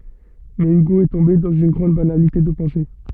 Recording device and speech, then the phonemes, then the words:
soft in-ear microphone, read sentence
mɛ yɡo ɛ tɔ̃be dɑ̃z yn ɡʁɑ̃d banalite də pɑ̃se
Mais Hugo est tombé dans une grande banalité de pensée.

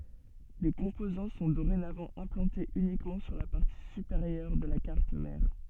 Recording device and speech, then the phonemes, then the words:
soft in-ear microphone, read sentence
le kɔ̃pozɑ̃ sɔ̃ doʁenavɑ̃ ɛ̃plɑ̃tez ynikmɑ̃ syʁ la paʁti sypeʁjœʁ də la kaʁt mɛʁ
Les composants sont dorénavant implantés uniquement sur la partie supérieure de la carte mère.

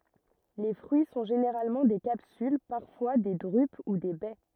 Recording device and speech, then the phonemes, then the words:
rigid in-ear microphone, read sentence
le fʁyi sɔ̃ ʒeneʁalmɑ̃ de kapsyl paʁfwa de dʁyp u de bɛ
Les fruits sont généralement des capsules, parfois des drupes ou des baies.

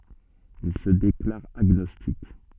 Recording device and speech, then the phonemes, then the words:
soft in-ear microphone, read sentence
il sə deklaʁ aɡnɔstik
Il se déclare agnostique.

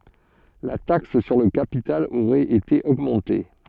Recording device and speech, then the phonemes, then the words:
soft in-ear microphone, read sentence
la taks syʁ lə kapital oʁɛt ete oɡmɑ̃te
La taxe sur le capital aurait été augmenté.

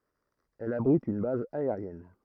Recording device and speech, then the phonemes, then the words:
throat microphone, read sentence
ɛl abʁit yn baz aeʁjɛn
Elle abrite une base aérienne.

